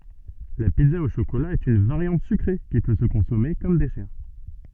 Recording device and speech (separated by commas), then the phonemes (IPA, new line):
soft in-ear microphone, read sentence
la pizza o ʃokola ɛt yn vaʁjɑ̃t sykʁe ki pø sə kɔ̃sɔme kɔm dɛsɛʁ